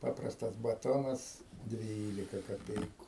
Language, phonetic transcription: Lithuanian, ˈpaprastas baˈtonas ˈdvylika kaˈpeiku

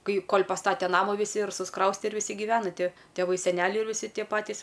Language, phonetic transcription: Lithuanian, ˈkai ˈkol' paˈstate ˈnamu viˈsi ir susˈkrauste ir viˈsi giˈvena ˈti tėˈvai seˈneliai ir viˈsi ˈtie ˈpatys

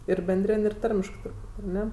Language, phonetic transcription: Lithuanian, ir benˈdrin' ir ˈtarmiškɜ turˈbūt' ar ˈne

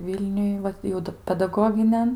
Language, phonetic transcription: Lithuanian, ˈvylniuj ˈvat jau ˈda pedaˈgoginian

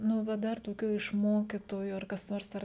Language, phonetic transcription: Lithuanian, ˈnu ˈva ˈdar toˈkių iš ˈmokitoju ar kas ˈnors ˈar

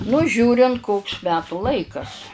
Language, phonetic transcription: Lithuanian, nu ˈžiūrint ˈkoks ˈmetų ˈlaikas

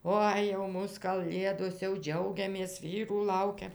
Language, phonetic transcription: Lithuanian, ˈoi jau ˈmūs kaˈlėdos jau ˈdžiaugiamės ˈvyrų ˈlaukiam

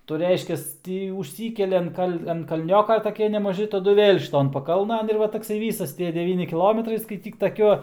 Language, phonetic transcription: Lithuanian, tai jau ˈreiškias ˈtį užˈsykeli an ˈkal' an kaˈlnioka taˈkie nemaˈži taˈdu vėl' šiˈton paˈkalnan ir ˈva takˈsai ˈvysas ˈtie deˈvyni kiˈlometrai skaiˈtyk taˈkiuo

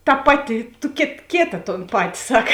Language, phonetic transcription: Lithuanian, ta ˈpaˌti tu kėt ˈkėta ton ˈpati ˈsak

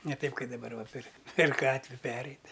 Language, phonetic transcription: Lithuanian, ne ˈtaip ˈkai daˈbar va pir per ˈgatvi ˈpereit'

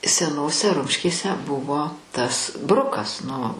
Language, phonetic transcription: Lithuanian, seˈnose ˈrumškėse ˈbuvo tas ˈbrukas nu

